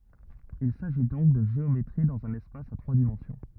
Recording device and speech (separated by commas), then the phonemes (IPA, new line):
rigid in-ear microphone, read sentence
il saʒi dɔ̃k də ʒeometʁi dɑ̃z œ̃n ɛspas a tʁwa dimɑ̃sjɔ̃